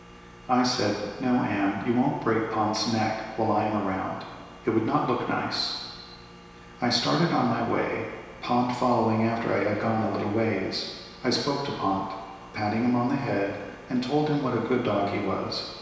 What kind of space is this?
A large, echoing room.